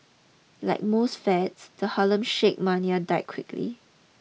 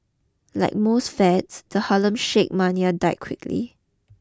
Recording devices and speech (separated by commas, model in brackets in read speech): mobile phone (iPhone 6), close-talking microphone (WH20), read sentence